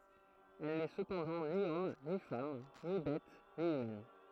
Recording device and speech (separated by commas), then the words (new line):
throat microphone, read sentence
Elle n'est cependant ni homme, ni femme, ni bête, ni humaine.